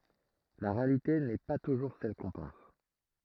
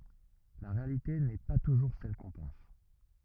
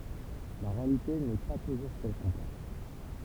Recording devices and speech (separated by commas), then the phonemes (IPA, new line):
throat microphone, rigid in-ear microphone, temple vibration pickup, read sentence
la ʁealite nɛ pa tuʒuʁ sɛl kɔ̃ pɑ̃s